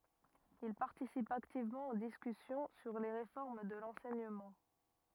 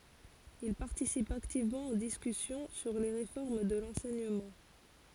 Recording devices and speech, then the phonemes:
rigid in-ear microphone, forehead accelerometer, read sentence
il paʁtisip aktivmɑ̃ o diskysjɔ̃ syʁ le ʁefɔʁm də lɑ̃sɛɲəmɑ̃

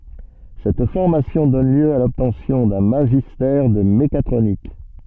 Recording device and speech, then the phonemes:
soft in-ear microphone, read sentence
sɛt fɔʁmasjɔ̃ dɔn ljø a lɔbtɑ̃sjɔ̃ dœ̃ maʒistɛʁ də mekatʁonik

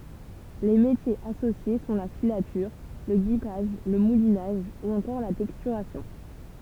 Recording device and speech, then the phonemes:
temple vibration pickup, read sentence
le metjez asosje sɔ̃ la filatyʁ lə ɡipaʒ lə mulinaʒ u ɑ̃kɔʁ la tɛkstyʁasjɔ̃

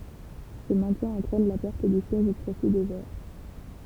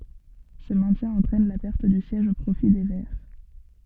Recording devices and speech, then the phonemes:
temple vibration pickup, soft in-ear microphone, read sentence
sə mɛ̃tjɛ̃ ɑ̃tʁɛn la pɛʁt dy sjɛʒ o pʁofi de vɛʁ

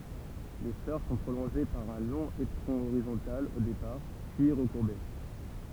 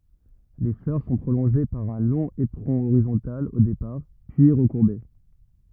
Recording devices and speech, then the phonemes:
temple vibration pickup, rigid in-ear microphone, read sentence
le flœʁ sɔ̃ pʁolɔ̃ʒe paʁ œ̃ lɔ̃ epʁɔ̃ oʁizɔ̃tal o depaʁ pyi ʁəkuʁbe

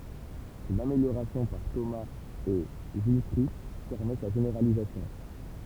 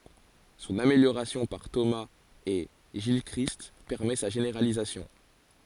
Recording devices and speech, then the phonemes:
temple vibration pickup, forehead accelerometer, read sentence
sɔ̃n ameljoʁasjɔ̃ paʁ tomaz e ʒilkʁist pɛʁmɛ sa ʒeneʁalizasjɔ̃

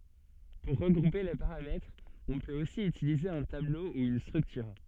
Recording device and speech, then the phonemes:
soft in-ear microphone, read sentence
puʁ ʁəɡʁupe le paʁamɛtʁz ɔ̃ pøt osi ytilize œ̃ tablo u yn stʁyktyʁ

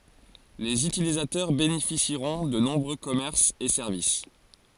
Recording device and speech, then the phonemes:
forehead accelerometer, read sentence
lez ytilizatœʁ benefisiʁɔ̃ də nɔ̃bʁø kɔmɛʁsz e sɛʁvis

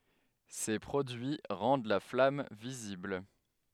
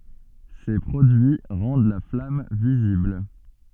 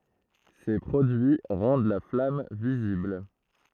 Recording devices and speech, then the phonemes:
headset microphone, soft in-ear microphone, throat microphone, read sentence
se pʁodyi ʁɑ̃d la flam vizibl

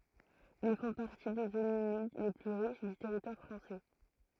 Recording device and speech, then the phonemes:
throat microphone, read sentence
il fɔ̃ paʁti de zonz ymid le ply ʁiʃ dy tɛʁitwaʁ fʁɑ̃sɛ

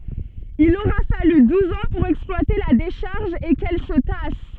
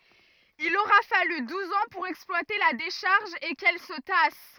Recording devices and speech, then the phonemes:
soft in-ear microphone, rigid in-ear microphone, read sentence
il oʁa faly duz ɑ̃ puʁ ɛksplwate la deʃaʁʒ e kɛl sə tas

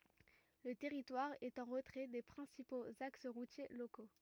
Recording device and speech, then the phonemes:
rigid in-ear microphone, read sentence
lə tɛʁitwaʁ ɛt ɑ̃ ʁətʁɛ de pʁɛ̃sipoz aks ʁutje loko

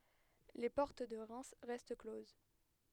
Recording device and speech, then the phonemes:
headset microphone, read sentence
le pɔʁt də ʁɛm ʁɛst kloz

